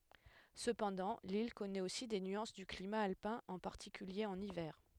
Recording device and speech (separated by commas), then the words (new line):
headset microphone, read sentence
Cependant, l’île connaît aussi des nuances du climat alpin, en particulier en hiver.